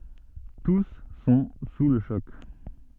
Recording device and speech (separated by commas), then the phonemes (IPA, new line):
soft in-ear microphone, read sentence
tus sɔ̃ su lə ʃɔk